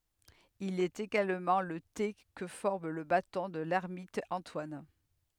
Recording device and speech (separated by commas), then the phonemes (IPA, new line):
headset microphone, read sentence
il ɛt eɡalmɑ̃ lə te kə fɔʁm lə batɔ̃ də lɛʁmit ɑ̃twan